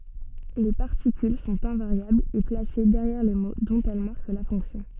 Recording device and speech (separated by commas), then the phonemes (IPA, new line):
soft in-ear microphone, read sentence
le paʁtikyl sɔ̃t ɛ̃vaʁjablz e plase dɛʁjɛʁ le mo dɔ̃t ɛl maʁk la fɔ̃ksjɔ̃